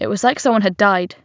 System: none